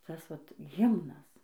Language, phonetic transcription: Lithuanian, ˈtas ˈvat ˈhimnas

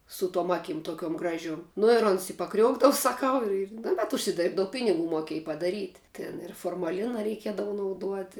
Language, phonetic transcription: Lithuanian, su tuom ˈakim toˈkiuom ˈgražiuom nu ir ˈons i paˈkriuokdavu saˈkau ir ir nu bet užsiˈdėrbdau ˈpiniˌgų moˈkiej padaˈryt' ˈtin ir formaˈlina reiˈkiedavu nauˈduoti

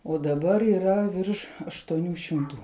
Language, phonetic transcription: Lithuanian, o daˈbar yˈra ˈvirš aštuoˈnių šimˈtų

